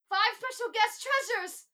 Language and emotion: English, fearful